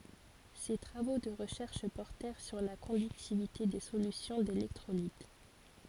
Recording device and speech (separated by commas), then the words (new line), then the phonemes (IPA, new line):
forehead accelerometer, read sentence
Ses travaux de recherche portèrent sur la conductivité des solutions d’électrolytes.
se tʁavo də ʁəʃɛʁʃ pɔʁtɛʁ syʁ la kɔ̃dyktivite de solysjɔ̃ delɛktʁolit